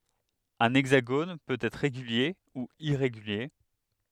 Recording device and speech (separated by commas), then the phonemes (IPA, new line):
headset microphone, read sentence
œ̃ ɛɡzaɡon pøt ɛtʁ ʁeɡylje u iʁeɡylje